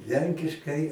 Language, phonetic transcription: Lithuanian, ˈlenkiškai

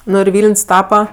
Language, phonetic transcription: Lithuanian, ˈnu ir ˈvyln's' ˈtapa

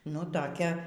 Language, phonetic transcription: Lithuanian, nu toˈkia

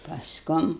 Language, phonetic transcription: Lithuanian, pasˈkum

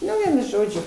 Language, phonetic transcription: Lithuanian, ˈnu ˈvienu ˈžodžiu

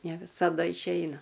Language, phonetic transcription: Lithuanian, ne visaˈda išˈeina

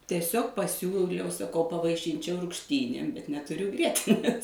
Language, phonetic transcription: Lithuanian, tieˈsiog paˈsiūliau saˈkau pavaiˈšinčiau rugšˈtynėm bet netuˈriu ˈgrietinės

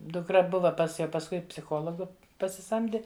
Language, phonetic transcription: Lithuanian, dukˈra ˈbuva pas ˈjau pasˈkui psiˈchologu pasiˈsamdi

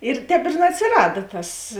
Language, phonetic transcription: Lithuanian, ir ˈtēp ir neatsiˈrada ˈtas

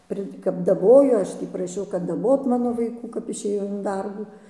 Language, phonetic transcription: Lithuanian, ˈpri kap daˈbojo ˈaš tį praˈšiau kad daˈbot ˈmano vaiˈkų kap išėˈjau in ˈdarbų

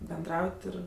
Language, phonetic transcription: Lithuanian, benˈdraut' ˈir

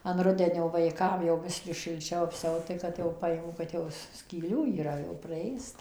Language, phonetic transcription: Lithuanian, an ˈrudenio vaiˈkam jau ˈbiskį šilˈčiau apˈsiaut tai ˈkad jau ˈpajimu kad ˈjau skyˈlių yˈra jau praˈėsta

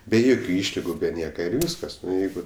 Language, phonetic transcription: Lithuanian, be ˈjokiu ˈyšligu be ˈnieka ir ˈvyskas ˈnu ˈjeigu

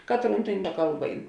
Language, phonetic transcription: Lithuanian, ˈkatˌrūn tėn ˈkalˌba ˈein

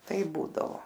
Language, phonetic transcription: Lithuanian, ˈtaip ˈbūdavo

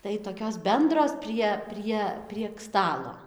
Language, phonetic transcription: Lithuanian, tai toˈkios ˈbendros ˈprie ˈprie prieg ˈstalo

